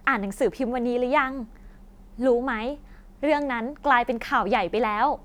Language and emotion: Thai, happy